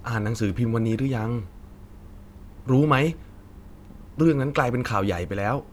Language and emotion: Thai, frustrated